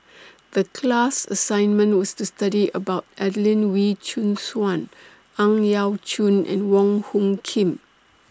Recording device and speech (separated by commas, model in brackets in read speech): standing microphone (AKG C214), read sentence